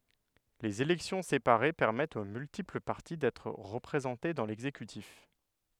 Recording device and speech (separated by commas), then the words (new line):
headset microphone, read sentence
Les élections séparées permettent aux multiples parties d'être représentées dans l'exécutif.